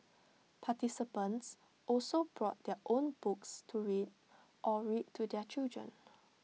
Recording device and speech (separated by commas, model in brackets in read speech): mobile phone (iPhone 6), read sentence